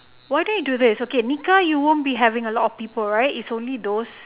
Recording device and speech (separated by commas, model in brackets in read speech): telephone, conversation in separate rooms